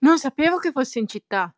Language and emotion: Italian, surprised